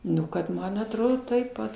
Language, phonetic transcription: Lithuanian, ˈnu kad ˈman atˈrodo taip ˈpat

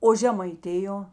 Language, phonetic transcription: Lithuanian, o žemaiˈtijo

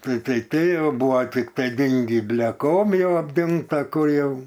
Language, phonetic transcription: Lithuanian, tai tai ˈtai ˈjau ˈbuvo tikˈtai ˈdingį bleˈkom ˈjau apˈdingta ˈkur jau

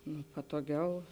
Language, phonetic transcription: Lithuanian, nu patoˈgiau

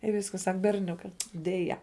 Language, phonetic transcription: Lithuanian, i ˈviskas ˈsak berˈniuka deˈja

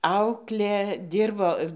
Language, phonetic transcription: Lithuanian, ˈauklė ˈdirbo

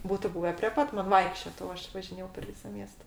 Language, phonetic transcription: Lithuanian, ˈbūtu ˈbūve prė ˈpat man ˈvaikščiot o ˈaš važiˈnėjau per ˈvysa ˈmiesta

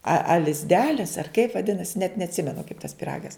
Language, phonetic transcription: Lithuanian, a a lizˈdelis ar kaip vaˈdinasi net neatˈsimenu kaip tas piˈragas

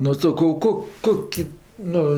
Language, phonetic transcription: Lithuanian, nu saˈkau ˈkok ˈkoki ˈnu

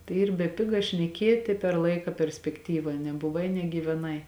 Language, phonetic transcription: Lithuanian, tai ˈyr beˈpiga šneˈkieti per ˈlaika perspekˈtyva nebuˈvai negyveˈnai

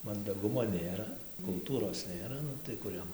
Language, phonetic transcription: Lithuanian, mandaˈgumo ˈnėra kulˈtūros ˈnėra ˈnu tai ˈkur jam

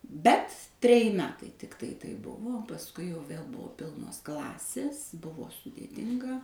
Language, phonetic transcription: Lithuanian, ˈbet treˈji ˈmetai ˈtiktai taip ˈbuvo o pasˈkui jau ˈvėl ˈbuvo ˈpilnos ˈklasės ˈbuvo sudėˈtinga

